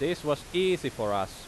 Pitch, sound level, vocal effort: 140 Hz, 91 dB SPL, very loud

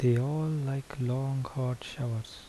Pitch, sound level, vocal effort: 130 Hz, 73 dB SPL, soft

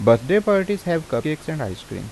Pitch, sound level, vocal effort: 155 Hz, 86 dB SPL, normal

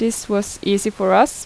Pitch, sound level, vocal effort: 205 Hz, 82 dB SPL, normal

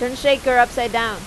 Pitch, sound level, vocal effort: 245 Hz, 93 dB SPL, loud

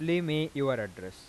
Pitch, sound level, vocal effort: 140 Hz, 91 dB SPL, normal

